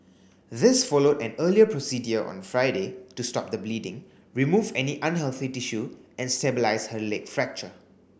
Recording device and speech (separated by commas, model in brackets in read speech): boundary microphone (BM630), read sentence